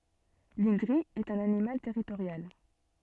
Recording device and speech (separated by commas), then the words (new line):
soft in-ear microphone, read sentence
L’indri est un animal territorial.